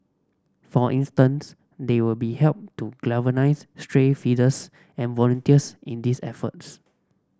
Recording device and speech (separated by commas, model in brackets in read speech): standing microphone (AKG C214), read sentence